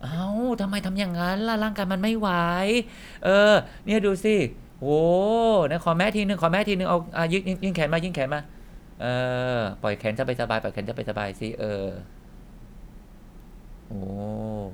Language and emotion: Thai, frustrated